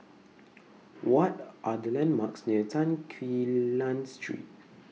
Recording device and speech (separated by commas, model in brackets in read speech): mobile phone (iPhone 6), read sentence